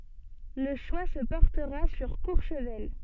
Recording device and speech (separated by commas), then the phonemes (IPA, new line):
soft in-ear microphone, read sentence
lə ʃwa sə pɔʁtəʁa syʁ kuʁʃvɛl